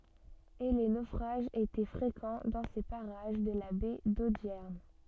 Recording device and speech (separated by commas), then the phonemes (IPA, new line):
soft in-ear microphone, read sentence
e le nofʁaʒz etɛ fʁekɑ̃ dɑ̃ se paʁaʒ də la bɛ dodjɛʁn